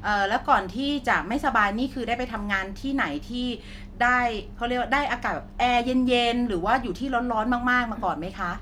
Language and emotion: Thai, neutral